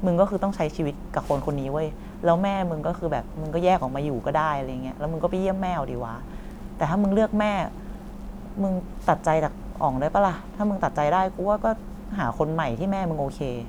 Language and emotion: Thai, frustrated